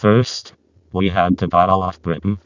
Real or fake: fake